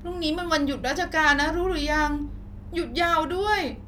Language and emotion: Thai, frustrated